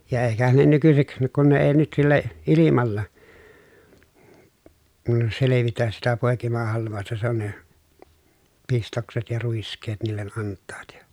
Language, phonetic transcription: Finnish, ja èikähän ne nykysik , kun ne ee nyt sillä , ilimalla , selevitäs sitä pòekimahalv̆vàosta se on ne , pistokset ja ruisk̀eet niillen ʼant̆taat ja .
- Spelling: ja eikähän ne nykyisin kun ne ei nyt sillä ilmalla selvitä sitä poikimahalvausta se on ne pistokset ja ruiskeet niille antavat ja

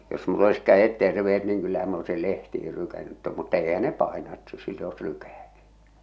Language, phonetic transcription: Finnish, jos mull ‿olis 'käʲet 'terve₍et niiŋ kyllähäm m ‿oesil 'lehtihil 'lykännyᵗ tom mutta 'eihä ne "pàena et siitᵃ̈ oes 'lykä̀tᴀ̈ .
- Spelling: jos minulla olisi kädet terveet niin kyllähän minä olisin lehtiin lykännyt tuon mutta eihän ne paina että siitä olisi lykätä

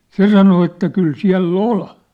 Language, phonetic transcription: Finnish, se sano että » 'kyl 'siä̭l'l ‿ol . «
- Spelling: se sanoi että kyllä siellä oli

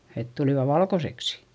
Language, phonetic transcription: Finnish, et tulìva valkoseksi .
- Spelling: että tulivat valkoiseksi

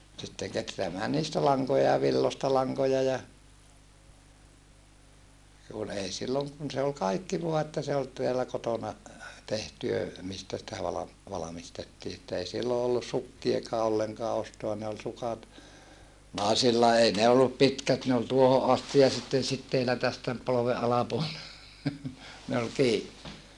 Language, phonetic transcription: Finnish, sitteŋ ketreämää niistä laŋkoja ja villosta laŋkoja ja , kun ei silloŋ kun se ol kaikki voa että se ol teälä kotona , tehtyö , mistä sitä valam- , valamistettii että ei sillo ollus sukkiekaa olleŋkaa ostoa ne ol sukat , nàesilla ei ne ollup̆ pitkät ne ol tuoho ʼasti ja sitten sitteilä tästä , polove ʼalapuol(lelta) , ne ol kii .
- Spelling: sitten kehräämään niistä lankoja ja villoista lankoja ja kun ei silloin kun se oli kaikki vain että se oli täällä kotona tehtyä mistä sitä - valmistettiin että ei silloin ollut sukkiakaan ollenkaan ostaa ne oli sukat naisilla ei ne ollut pitkät ne oli tuohon asti ja sitten siteillä tästä polven alapuolelta ne oli kiinni

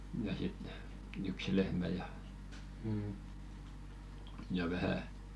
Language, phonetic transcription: Finnish, ja 'sit , yksi 'lehmä ja , ja 'vähä ,.
- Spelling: ja sitten yksi lehmä ja ja vähän

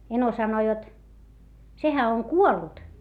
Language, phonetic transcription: Finnish, » eno sano jot , » sehä oŋ kuollut » .
- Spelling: eno sanoi jotta sehän on kuollut

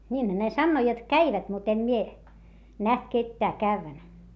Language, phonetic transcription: Finnish, niinhä ne sannoo jot käivät mut ‿em mie , näht kettää kävvän .
- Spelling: niinhän ne sanoo jotta kävivät mutta en minä nähnyt ketään käyvän

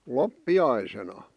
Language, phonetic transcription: Finnish, loppi₍aisena .
- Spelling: loppiaisena

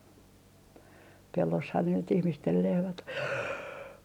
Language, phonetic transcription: Finnish, 'pelloshan ne nyt 'ihmistel 'lehmät ‿o .
- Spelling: pellossahan ne nyt ihmisten lehmät on

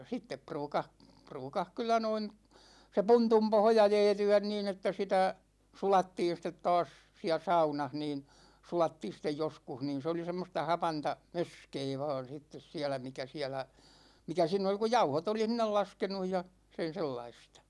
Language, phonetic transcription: Finnish, 'sittep 'pruukah , 'pruukah 'kyl̆lä noin , se "puntum 'pohja 'jɛɛty₍än niin ‿että 'sitä , 'sulattiin̬ stet 'taas , 'siä "saunah niin̬ , 'sulattiin̬ sittej 'joskuh niin̬ se oli 'semmosta 'hapanta , "möskee vaan 'sittes 'siälä mikä 'siälä , 'mikä (siinä oli) ku "jauhot ‿oli 'sin̆nel "laskenuj ja , 'sen̬ 'sellaistA .
- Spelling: sitten ruukasi ruukasi kyllä noin se puntun pohja jäätyä niin että sitä sulattiin sitten taas siellä saunassa niin sulattiin sitten joskus niin se oli semmoista hapanta möskää vain sitten siellä mikä siellä mikä siinä oli kun jauhot oli sinne laskenut ja sen sellaista

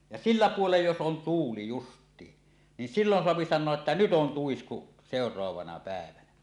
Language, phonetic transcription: Finnish, ja "sillä 'puolej jos 'on "tuuli 'just̀iin , nin "sillon 'soapi 'san̆noaˀ ˀettä , "nyt ‿on "tuisku , 'sèor̀oavana pä̀evänä .
- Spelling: ja sillä puolen jos on tuuli justiin niin silloin saa sanoa että nyt on tuisku seuraavana päivänä

